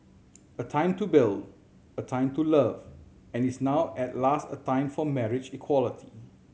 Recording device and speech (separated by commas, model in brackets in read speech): mobile phone (Samsung C7100), read sentence